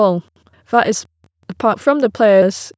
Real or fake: fake